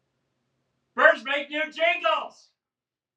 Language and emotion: English, happy